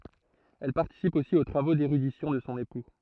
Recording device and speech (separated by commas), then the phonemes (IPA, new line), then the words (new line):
throat microphone, read sentence
ɛl paʁtisip osi o tʁavo deʁydisjɔ̃ də sɔ̃ epu
Elle participe aussi aux travaux d'érudition de son époux.